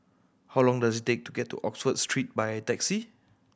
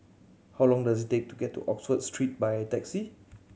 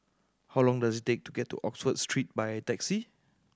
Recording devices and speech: boundary microphone (BM630), mobile phone (Samsung C7100), standing microphone (AKG C214), read sentence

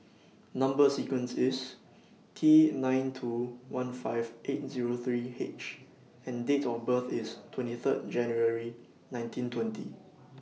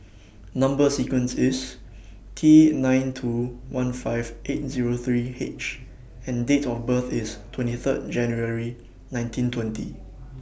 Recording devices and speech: mobile phone (iPhone 6), boundary microphone (BM630), read sentence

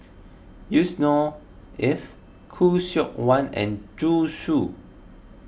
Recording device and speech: boundary microphone (BM630), read sentence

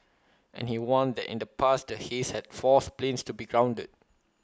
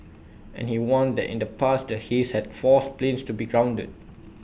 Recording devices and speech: close-talking microphone (WH20), boundary microphone (BM630), read sentence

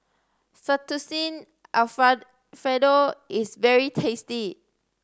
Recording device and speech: standing microphone (AKG C214), read sentence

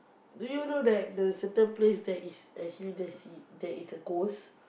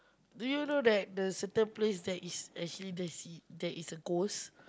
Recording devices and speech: boundary microphone, close-talking microphone, conversation in the same room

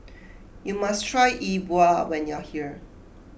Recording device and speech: boundary microphone (BM630), read sentence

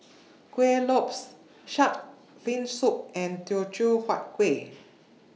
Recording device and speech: mobile phone (iPhone 6), read sentence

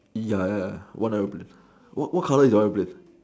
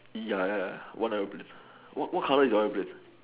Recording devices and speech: standing microphone, telephone, conversation in separate rooms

